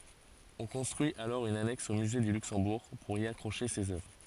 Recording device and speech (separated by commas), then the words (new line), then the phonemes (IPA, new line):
forehead accelerometer, read sentence
On construit alors une annexe au musée du Luxembourg pour y accrocher ces œuvres.
ɔ̃ kɔ̃stʁyi alɔʁ yn anɛks o myze dy lyksɑ̃buʁ puʁ i akʁoʃe sez œvʁ